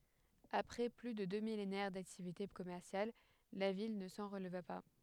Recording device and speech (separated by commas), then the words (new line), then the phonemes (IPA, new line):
headset microphone, read sentence
Après plus de deux millénaires d'activités commerciales, la ville ne s'en releva pas.
apʁɛ ply də dø milenɛʁ daktivite kɔmɛʁsjal la vil nə sɑ̃ ʁəlva pa